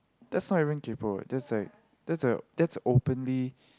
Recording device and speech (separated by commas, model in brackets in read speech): close-talking microphone, conversation in the same room